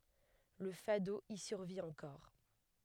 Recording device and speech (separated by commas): headset microphone, read sentence